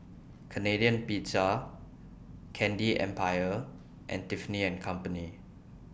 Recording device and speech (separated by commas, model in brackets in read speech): boundary microphone (BM630), read sentence